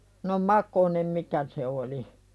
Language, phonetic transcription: Finnish, no "makonem 'mikä se oli .
- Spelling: no makonen mikä se oli

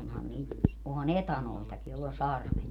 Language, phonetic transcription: Finnish, 'onhan niit , oha"n ‿etanoitaki joll ‿on̬ 'sarvet .
- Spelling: onhan niitä onhan etanoitakin jolla on sarvet

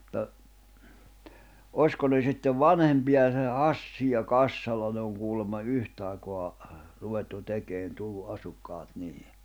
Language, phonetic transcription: Finnish, ᵐᵘᵗta , "ośko ne sittev "vanhempiʲa se "Hassi ja "Kassala ne oŋ kuulemma 'yhtài̬koa , ruvettu 'tekeen tullu '’asukkaat 'niihi .
- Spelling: mutta olisiko ne sitten vanhempia se Hassi ja Kassala ne on kuulemma yhtä aikaa ruvettu tekemään tullut asukkaat niihin

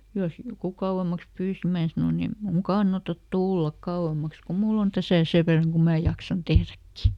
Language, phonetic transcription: Finnish, jos ˈjoku "kauʷem̆maks ˈpyysi "mää sanoˈn ‿em ˈmuuŋ "kannatat "tullak ˈkauʷem̆maks ku ˈmull ‿on "täsä̀ ˈsev verraŋ kum mää ˈjaksan "tehräkki .
- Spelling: jos joku kauemmaksi pyysi minä sanoin ei minun kannata tulla kauemmaksi kun minulla on tässä sen verran kuin minä jaksan tehdäkin

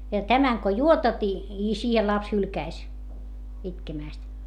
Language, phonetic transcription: Finnish, » ja tämäŋ ko juotat i , i siihel laps hylkäis , itkemä̀st .
- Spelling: ja tämän kun juotat ja ja siihen lapsi hylkäisi itkemästä

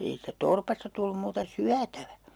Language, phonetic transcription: Finnish, ei siittä 'torpasta tullum muuta "syätävä .
- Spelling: ei siitä torpasta tullut muuta syötävä

